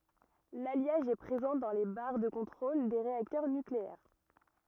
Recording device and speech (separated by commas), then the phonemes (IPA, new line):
rigid in-ear microphone, read sentence
laljaʒ ɛ pʁezɑ̃ dɑ̃ le baʁ də kɔ̃tʁol de ʁeaktœʁ nykleɛʁ